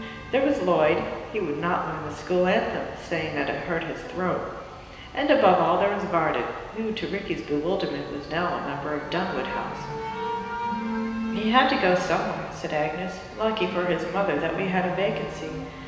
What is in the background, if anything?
Music.